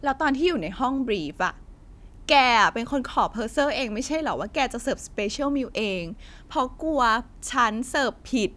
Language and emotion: Thai, angry